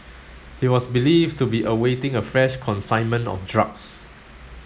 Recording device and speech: mobile phone (Samsung S8), read sentence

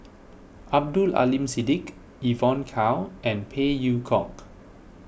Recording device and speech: boundary microphone (BM630), read sentence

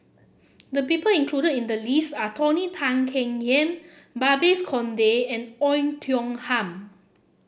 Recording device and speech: boundary microphone (BM630), read sentence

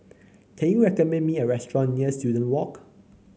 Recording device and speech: mobile phone (Samsung C9), read sentence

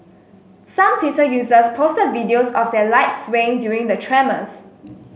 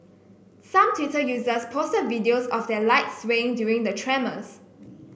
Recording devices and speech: mobile phone (Samsung S8), boundary microphone (BM630), read sentence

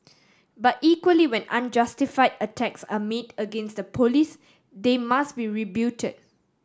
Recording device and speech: standing microphone (AKG C214), read sentence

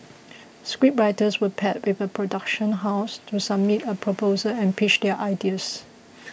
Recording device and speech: boundary microphone (BM630), read sentence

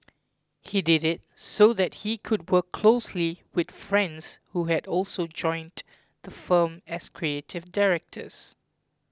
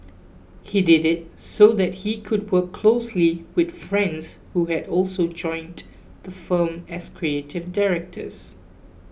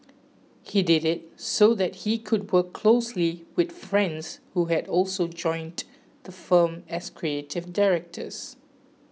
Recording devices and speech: close-talking microphone (WH20), boundary microphone (BM630), mobile phone (iPhone 6), read sentence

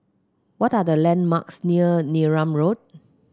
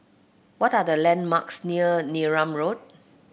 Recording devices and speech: close-talking microphone (WH30), boundary microphone (BM630), read sentence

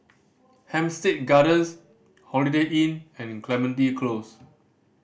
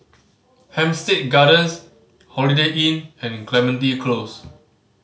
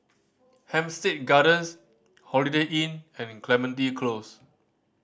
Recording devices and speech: boundary microphone (BM630), mobile phone (Samsung C5010), standing microphone (AKG C214), read sentence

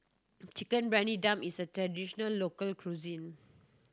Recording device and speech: standing microphone (AKG C214), read sentence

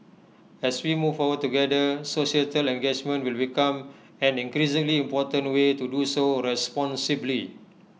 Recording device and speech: mobile phone (iPhone 6), read sentence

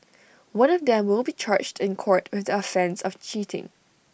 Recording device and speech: boundary microphone (BM630), read sentence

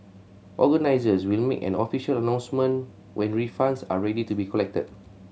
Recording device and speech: mobile phone (Samsung C7100), read sentence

